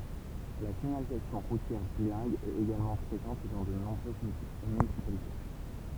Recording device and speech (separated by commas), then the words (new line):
temple vibration pickup, read sentence
La signalisation routière bilingue est également présente dans de nombreuses municipalités.